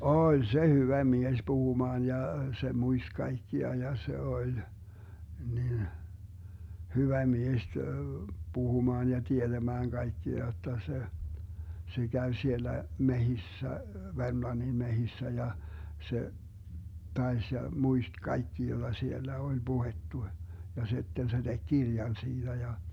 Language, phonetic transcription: Finnish, "oĺ 'se 'hyvä 'mies "puhumaan ja , 'se 'muist 'kaikkia ja 'se 'oĺ , nin , 'hyvä 'mies , 'puhumaan ja 'tieDämääŋ 'kaikkia jotta se , 'se 'Gäv 'siellä , "mehissä , 'Vermlannin "mehissä ja , 'se , 'taes ja , 'muist "kaikki joDa 'siellä 'oĺ 'Buhettu , ja 'si̮tten se 'DeG "Girjan 'siiDä ja .
- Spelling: oli se hyvä mies puhumaan ja se muisti kaikkia ja se oli niin hyvä mies puhumaan ja tietämään kaikkia jotta se se kävi siellä metsissä Vermlannin metsissä ja se taisi ja muisti kaikki jota siellä oli puhuttu ja sitten se teki kirjan siitä ja

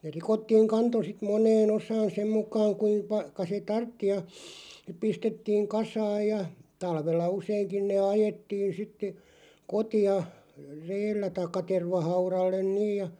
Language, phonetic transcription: Finnish, ne 'rikottiiŋ 'kanto sit 'moǹee'n ‿osaan 'sem mukaaŋ kuim- -pa- -ka se "tartti ja , (sip) 'pistettiiŋ "kasaaj ja , 'talvella 'useiŋkin nee "ajettiin sitte , 'koti₍a , "reellä taikka 'tervahaurallen "niij ja ,.
- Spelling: ne rikottiin kanto sitten moneen osaan sen mukaan - - kuinka se tarvitsi ja sitten pistettiin kasaan ja talvella useinkin ne ajettiin sitten kotiin reellä tai tervahaudalle niin ja

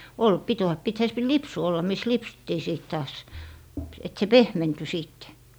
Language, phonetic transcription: Finnish, 'ol , 'pit oa- , 'pithä se p - "lipsu olla mis 'lipsuttii sìt taas , et se "pehmenty 'siitte .
- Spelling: oli piti - pitihän se - lipsu olla missä lipsuttiin sitten taas että se pehmentyi sitten

